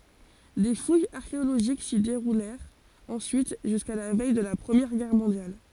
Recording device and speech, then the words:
forehead accelerometer, read sentence
Des fouilles archéologiques s'y déroulèrent ensuite jusqu'à la veille de la Première Guerre mondiale.

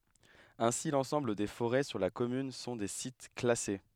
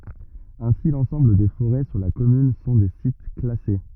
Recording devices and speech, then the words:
headset microphone, rigid in-ear microphone, read sentence
Ainsi, l'ensemble des forêts sur la commune sont des sites classés.

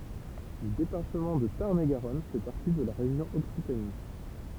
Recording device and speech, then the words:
temple vibration pickup, read sentence
Le département de Tarn-et-Garonne fait partie de la région Occitanie.

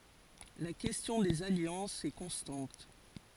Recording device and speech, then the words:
forehead accelerometer, read sentence
La question des alliances est constante.

